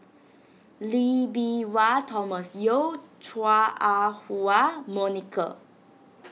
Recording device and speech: mobile phone (iPhone 6), read sentence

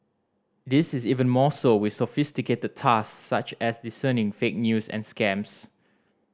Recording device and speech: standing microphone (AKG C214), read sentence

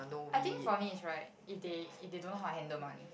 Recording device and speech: boundary microphone, conversation in the same room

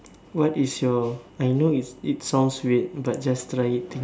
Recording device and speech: standing microphone, conversation in separate rooms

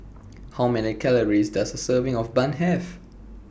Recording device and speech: boundary microphone (BM630), read sentence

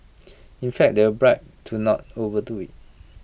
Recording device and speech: boundary microphone (BM630), read sentence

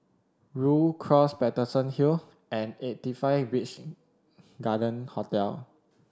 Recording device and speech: standing microphone (AKG C214), read sentence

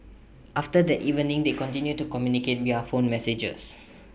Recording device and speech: boundary microphone (BM630), read sentence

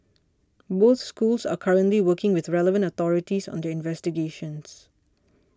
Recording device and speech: standing microphone (AKG C214), read sentence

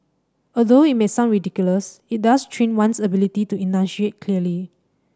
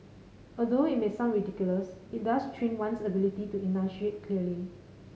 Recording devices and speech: standing microphone (AKG C214), mobile phone (Samsung C5010), read sentence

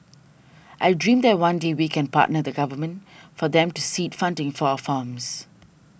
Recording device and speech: boundary microphone (BM630), read sentence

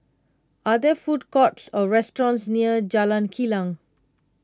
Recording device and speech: close-talking microphone (WH20), read sentence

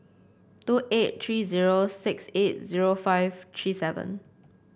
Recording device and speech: boundary microphone (BM630), read sentence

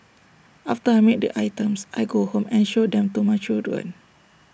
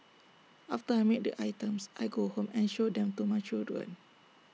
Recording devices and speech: boundary microphone (BM630), mobile phone (iPhone 6), read sentence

